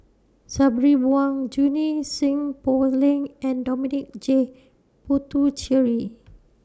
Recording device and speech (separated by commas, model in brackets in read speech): standing microphone (AKG C214), read sentence